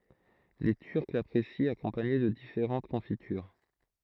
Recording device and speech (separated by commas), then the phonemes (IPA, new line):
throat microphone, read sentence
le tyʁk lapʁesit akɔ̃paɲe də difeʁɑ̃t kɔ̃fityʁ